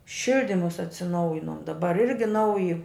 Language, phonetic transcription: Lithuanian, ˈšildimus atsiˈnaujinom daˈbar ˈirgi ˈnauji

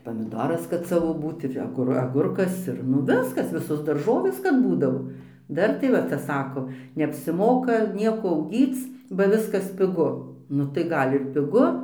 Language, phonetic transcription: Lithuanian, pamiˈdoras kad ˈsavo ˈbūt ir aˈgur aˈgurkas ir ˈnu ˈviskas ˈvisos darˈžovės kad ˈbūdavo ˈdar tai ˈva ˈcia ˈsako neapsiˈmoka ˈnieko auˈgyc ba ˈviskas piˈgu ˈnu tai ˈgal' ir piˈgu

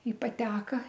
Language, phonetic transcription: Lithuanian, i paˈteka

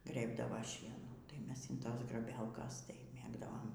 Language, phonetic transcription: Lithuanian, ˈgrėbdava ˈšienų tai ˈmes inˈtos graˈbelkas tai ˈmėgdavom

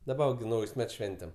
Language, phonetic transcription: Lithuanian, daˈba va gi ˈnaujs' ˈmets ˈšventem

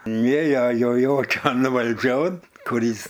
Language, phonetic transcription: Lithuanian, ˈnėja jo ˈjokian valˈdžion ˈkur ˈis

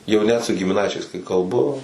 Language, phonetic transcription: Lithuanian, jau ˈnet su gimiˈnaičiais kai kalˈbu

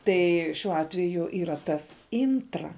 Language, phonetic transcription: Lithuanian, ˈtai šiuo ˈatveju yra ˈtas ˈintra

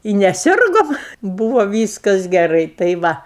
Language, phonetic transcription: Lithuanian, i neˈsirgom ˈbūvo ˈvyskas geˈrai tai ˈva

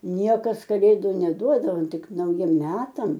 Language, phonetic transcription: Lithuanian, ˈniekas kaˈlėdu neˈduodavo ˈtik nauˈjiem ˈmetam

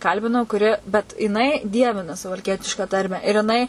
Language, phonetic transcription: Lithuanian, ˈkalbinau kuˈri bet jiˈnai ˈdievina suvalˈkietišką ˈtarmę ir jiˈnai

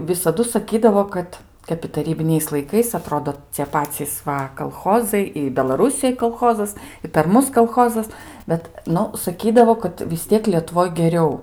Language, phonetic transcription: Lithuanian, visaˈdu saˈkydavo ˈkad ˈkap i taˈrybiniais laiˈkais aˈtrodo cie ˈpacys ˈva kalˈchozai i belaˈrusijoj kalˈchozas i per ˈmus kalˈchozas ˈbet ˈnu saˈkydavo kad vis ˈtiek lietuˈvoj geˈriau

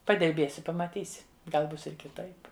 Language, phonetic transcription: Lithuanian, padirˈbėsi pamaˈtysi ˈgal ˈbus ir kiˈtaip

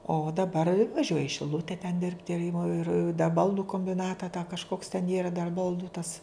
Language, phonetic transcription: Lithuanian, o daˈbar vaˈžiuoja i šiˈlute ten ˈdirbti ir imo ir da ˈbaldu kombiˈnata tą kažˈkoks ten ˈyra dar ˈbaldu tas

